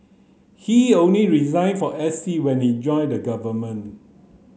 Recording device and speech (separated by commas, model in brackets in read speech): mobile phone (Samsung C9), read sentence